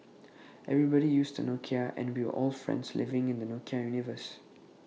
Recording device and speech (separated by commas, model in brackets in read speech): mobile phone (iPhone 6), read sentence